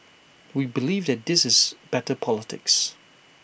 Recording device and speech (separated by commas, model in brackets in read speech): boundary microphone (BM630), read sentence